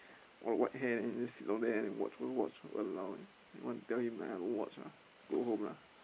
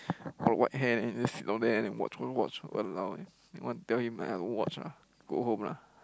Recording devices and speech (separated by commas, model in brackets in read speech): boundary microphone, close-talking microphone, conversation in the same room